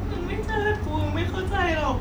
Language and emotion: Thai, sad